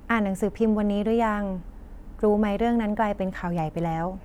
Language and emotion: Thai, neutral